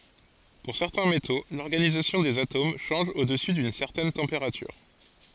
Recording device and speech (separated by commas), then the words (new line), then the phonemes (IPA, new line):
forehead accelerometer, read sentence
Pour certains métaux, l'organisation des atomes change au-dessus d'une certaine température.
puʁ sɛʁtɛ̃ meto lɔʁɡanizasjɔ̃ dez atom ʃɑ̃ʒ o dəsy dyn sɛʁtɛn tɑ̃peʁatyʁ